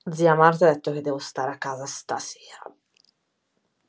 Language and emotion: Italian, angry